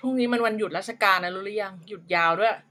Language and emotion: Thai, neutral